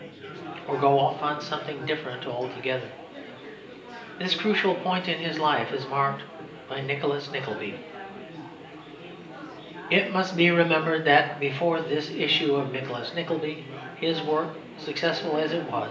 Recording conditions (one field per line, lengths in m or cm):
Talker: one person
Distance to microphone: 1.8 m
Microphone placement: close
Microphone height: 1.0 m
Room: large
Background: babble